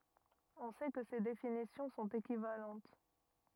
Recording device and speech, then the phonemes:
rigid in-ear microphone, read sentence
ɔ̃ sɛ kə se definisjɔ̃ sɔ̃t ekivalɑ̃t

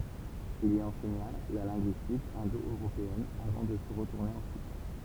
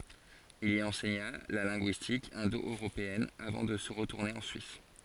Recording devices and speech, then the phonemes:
temple vibration pickup, forehead accelerometer, read sentence
il i ɑ̃sɛɲa la lɛ̃ɡyistik ɛ̃doøʁopeɛn avɑ̃ də ʁətuʁne ɑ̃ syis

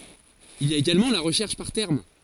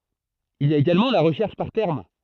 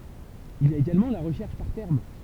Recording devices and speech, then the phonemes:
forehead accelerometer, throat microphone, temple vibration pickup, read sentence
il i a eɡalmɑ̃ la ʁəʃɛʁʃ paʁ tɛʁm

